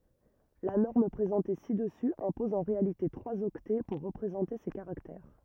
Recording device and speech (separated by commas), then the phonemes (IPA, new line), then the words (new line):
rigid in-ear microphone, read sentence
la nɔʁm pʁezɑ̃te si dəsy ɛ̃pɔz ɑ̃ ʁealite tʁwaz ɔktɛ puʁ ʁəpʁezɑ̃te se kaʁaktɛʁ
La norme présentée ci-dessus impose en réalité trois octets pour représenter ces caractères.